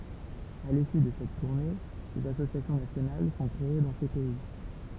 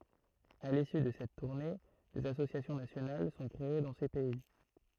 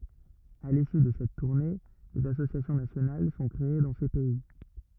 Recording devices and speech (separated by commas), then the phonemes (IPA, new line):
temple vibration pickup, throat microphone, rigid in-ear microphone, read sentence
a lisy də sɛt tuʁne dez asosjasjɔ̃ nasjonal sɔ̃ kʁee dɑ̃ se pɛi